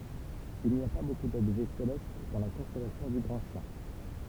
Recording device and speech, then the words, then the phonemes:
temple vibration pickup, read sentence
Il n'y a pas beaucoup d'objets célestes dans la constellation du Grand Chien.
il ni a pa boku dɔbʒɛ selɛst dɑ̃ la kɔ̃stɛlasjɔ̃ dy ɡʁɑ̃ ʃjɛ̃

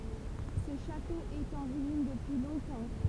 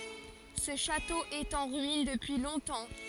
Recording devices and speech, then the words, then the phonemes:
temple vibration pickup, forehead accelerometer, read sentence
Ce château est en ruines depuis longtemps.
sə ʃato ɛt ɑ̃ ʁyin dəpyi lɔ̃tɑ̃

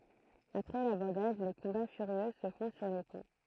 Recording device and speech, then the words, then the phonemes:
throat microphone, read sentence
Après l'abordage, les combats furieux se font sur les ponts.
apʁɛ labɔʁdaʒ le kɔ̃ba fyʁjø sə fɔ̃ syʁ le pɔ̃

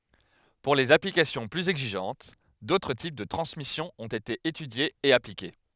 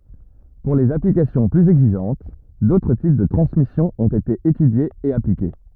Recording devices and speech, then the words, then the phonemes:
headset microphone, rigid in-ear microphone, read sentence
Pour les applications plus exigeantes, d'autres types de transmission ont été étudiés et appliqués.
puʁ lez aplikasjɔ̃ plyz ɛɡziʒɑ̃t dotʁ tip də tʁɑ̃smisjɔ̃ ɔ̃t ete etydjez e aplike

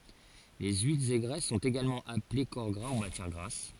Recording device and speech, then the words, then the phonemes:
forehead accelerometer, read sentence
Les huiles et graisses sont également appelées corps gras ou matière grasse.
le yilz e ɡʁɛs sɔ̃t eɡalmɑ̃ aple kɔʁ ɡʁa u matjɛʁ ɡʁas

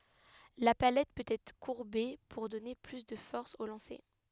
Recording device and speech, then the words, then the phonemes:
headset microphone, read sentence
La palette peut être courbée pour donner plus de force au lancer.
la palɛt pøt ɛtʁ kuʁbe puʁ dɔne ply də fɔʁs o lɑ̃se

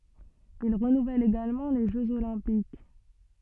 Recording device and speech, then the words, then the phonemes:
soft in-ear microphone, read sentence
Il renouvelle également les Jeux olympiques.
il ʁənuvɛl eɡalmɑ̃ le ʒøz olɛ̃pik

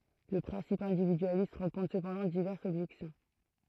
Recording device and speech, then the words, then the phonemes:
throat microphone, read sentence
Le principe individualiste rencontre cependant diverses objections.
lə pʁɛ̃sip ɛ̃dividyalist ʁɑ̃kɔ̃tʁ səpɑ̃dɑ̃ divɛʁsz ɔbʒɛksjɔ̃

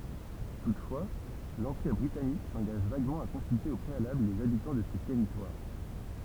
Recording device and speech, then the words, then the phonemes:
temple vibration pickup, read sentence
Toutefois, l'Empire britannique s'engage vaguement à consulter au préalable les habitants de ces territoires.
tutfwa lɑ̃piʁ bʁitanik sɑ̃ɡaʒ vaɡmɑ̃ a kɔ̃sylte o pʁealabl lez abitɑ̃ də se tɛʁitwaʁ

